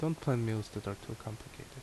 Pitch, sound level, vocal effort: 120 Hz, 74 dB SPL, soft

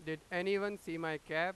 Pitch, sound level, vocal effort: 170 Hz, 99 dB SPL, very loud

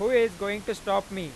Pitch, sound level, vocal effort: 200 Hz, 102 dB SPL, loud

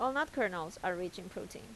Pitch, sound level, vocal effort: 195 Hz, 84 dB SPL, normal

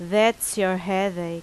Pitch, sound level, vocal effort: 190 Hz, 87 dB SPL, very loud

